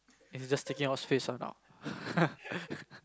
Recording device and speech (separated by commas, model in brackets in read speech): close-talking microphone, conversation in the same room